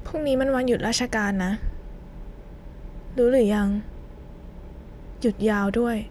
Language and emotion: Thai, sad